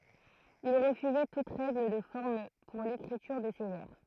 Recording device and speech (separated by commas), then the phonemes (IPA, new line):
throat microphone, read sentence
il ʁəfyzɛ tut ʁɛɡl də fɔʁm puʁ lekʁityʁ də se vɛʁ